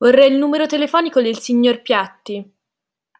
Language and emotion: Italian, angry